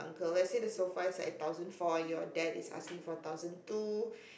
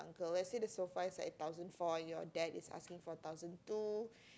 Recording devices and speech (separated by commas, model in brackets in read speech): boundary microphone, close-talking microphone, conversation in the same room